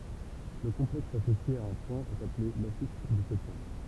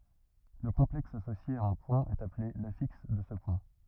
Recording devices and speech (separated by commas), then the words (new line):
temple vibration pickup, rigid in-ear microphone, read sentence
Le complexe associé à un point est appelé l'affixe de ce point.